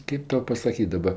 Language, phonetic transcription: Lithuanian, ˈkėp ˈtau pasaˈkyt' daˈba

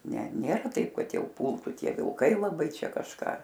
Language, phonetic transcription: Lithuanian, ˈne ˈnėra ˈtaip ˈkad ˈjau ˈpultu ˈtie vilˈkai laˈbai ˈčia kažˈką

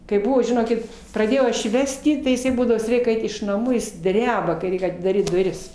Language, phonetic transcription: Lithuanian, kai ˈbuvo žiˈnokit praˈdėjau ˈaš jį ˈvesti tai iˈsai ˈbūdavo vis ˈreik ˈait iš naˈmų ˈjis ˈdreba kai ˈreik atidaˈryt duˈris

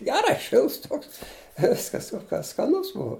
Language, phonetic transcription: Lithuanian, ˈgerai ˈšilts ˈtoks i ˈviskas o ka skaˈnus ˈbua

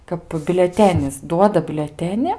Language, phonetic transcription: Lithuanian, kap biuleˈtenis ˈduoda biuleˈteni

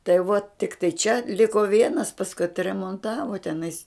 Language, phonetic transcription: Lithuanian, tai vuo tikˈtai čia ˈliko ˈvienas pasˈkui atremonˈtavo teˈnais

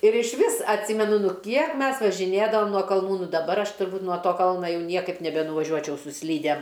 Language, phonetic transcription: Lithuanian, ir išˈvis atˈsimenu ˈnu ˈkiek ˈmes važiˈnėdavom nuo kalˈnų ˈnu daˈbar ˈaš turˈbūt nuo ˈto ˈkalna ˈjau ˈniekaip nebenuvaˈžiuočiau su ˈslydem

